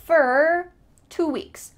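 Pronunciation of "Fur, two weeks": In 'for two weeks', the word 'for' sounds like 'fur'.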